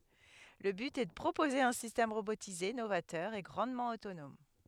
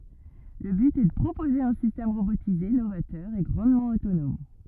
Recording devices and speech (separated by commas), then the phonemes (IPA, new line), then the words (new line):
headset microphone, rigid in-ear microphone, read sentence
lə byt ɛ də pʁopoze œ̃ sistɛm ʁobotize novatœʁ e ɡʁɑ̃dmɑ̃ otonɔm
Le but est de proposer un système robotisé novateur et grandement autonome.